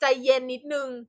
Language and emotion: Thai, neutral